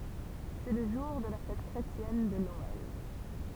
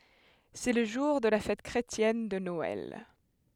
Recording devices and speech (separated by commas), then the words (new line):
temple vibration pickup, headset microphone, read sentence
C'est le jour de la fête chrétienne de Noël.